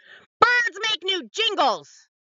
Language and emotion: English, angry